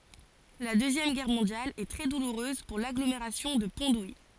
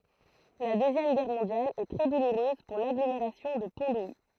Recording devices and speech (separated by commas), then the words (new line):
forehead accelerometer, throat microphone, read sentence
La Deuxième Guerre mondiale est très douloureuse pour l'agglomération de Pont-d'Ouilly.